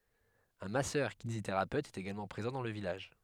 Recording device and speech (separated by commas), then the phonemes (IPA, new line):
headset microphone, read sentence
œ̃ masœʁkineziteʁapøt ɛt eɡalmɑ̃ pʁezɑ̃ dɑ̃ lə vilaʒ